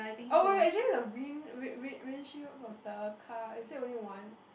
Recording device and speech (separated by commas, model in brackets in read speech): boundary microphone, conversation in the same room